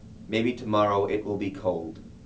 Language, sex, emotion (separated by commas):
English, male, neutral